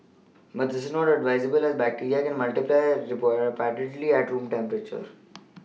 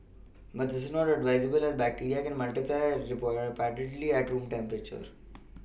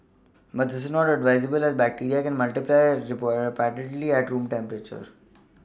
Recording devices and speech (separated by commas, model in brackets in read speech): mobile phone (iPhone 6), boundary microphone (BM630), standing microphone (AKG C214), read sentence